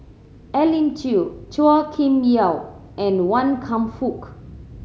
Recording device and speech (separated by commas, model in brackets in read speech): mobile phone (Samsung C7100), read sentence